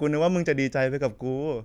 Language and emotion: Thai, happy